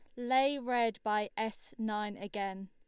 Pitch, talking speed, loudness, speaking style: 220 Hz, 145 wpm, -34 LUFS, Lombard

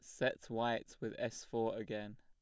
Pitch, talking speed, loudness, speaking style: 115 Hz, 180 wpm, -40 LUFS, plain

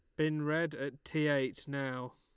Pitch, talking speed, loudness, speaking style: 140 Hz, 185 wpm, -35 LUFS, Lombard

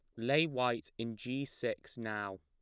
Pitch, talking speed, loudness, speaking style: 115 Hz, 165 wpm, -36 LUFS, plain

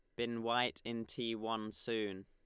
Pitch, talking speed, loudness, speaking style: 115 Hz, 175 wpm, -38 LUFS, Lombard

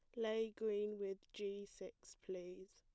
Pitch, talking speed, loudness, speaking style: 200 Hz, 145 wpm, -46 LUFS, plain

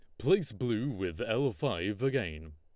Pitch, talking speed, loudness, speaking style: 110 Hz, 155 wpm, -32 LUFS, Lombard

